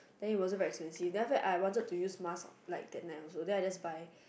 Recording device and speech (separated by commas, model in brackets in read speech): boundary microphone, conversation in the same room